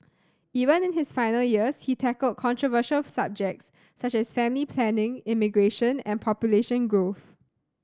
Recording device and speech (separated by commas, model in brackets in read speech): standing microphone (AKG C214), read sentence